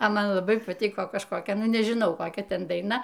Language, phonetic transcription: Lithuanian, a ˈman laˈbai paˈtyko kažkoˈkia ˈnu nežiˈnau koˈkia ˈten daiˈna

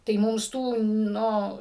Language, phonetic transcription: Lithuanian, tai ˈmums ˈtų ˈnu

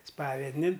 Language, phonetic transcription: Lithuanian, ˈspavednin

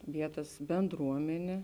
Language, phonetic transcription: Lithuanian, ˈvietas benˈdruomenė

